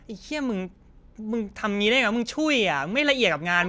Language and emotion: Thai, angry